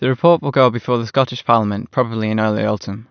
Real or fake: real